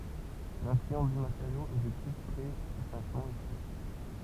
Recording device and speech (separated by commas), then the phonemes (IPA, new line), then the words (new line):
temple vibration pickup, read sentence
lɛ̃flyɑ̃s dy mateʁjo ɛ dekʁit tʁɛ sutʃinktəmɑ̃ isi
L'influence du matériau est décrite très succinctement ici.